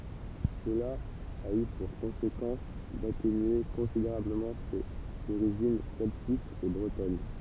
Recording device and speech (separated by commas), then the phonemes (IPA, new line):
temple vibration pickup, read sentence
səla a y puʁ kɔ̃sekɑ̃s datenye kɔ̃sideʁabləmɑ̃ sez oʁiʒin sɛltikz e bʁətɔn